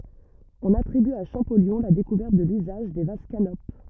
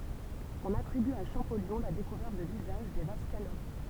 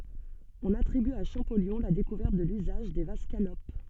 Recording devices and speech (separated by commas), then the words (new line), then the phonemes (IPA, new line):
rigid in-ear microphone, temple vibration pickup, soft in-ear microphone, read sentence
On attribue à Champollion la découverte de l'usage des vases canopes.
ɔ̃n atʁiby a ʃɑ̃pɔljɔ̃ la dekuvɛʁt də lyzaʒ de vaz kanop